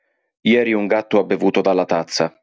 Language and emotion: Italian, neutral